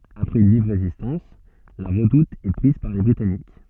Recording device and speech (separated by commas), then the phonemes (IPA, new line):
soft in-ear microphone, read sentence
apʁɛz yn viv ʁezistɑ̃s la ʁədut ɛ pʁiz paʁ le bʁitanik